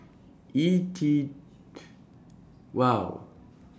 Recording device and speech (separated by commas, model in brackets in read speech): standing microphone (AKG C214), read sentence